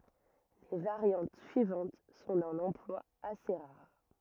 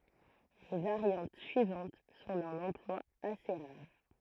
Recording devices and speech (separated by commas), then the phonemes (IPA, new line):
rigid in-ear microphone, throat microphone, read sentence
le vaʁjɑ̃t syivɑ̃t sɔ̃ dœ̃n ɑ̃plwa ase ʁaʁ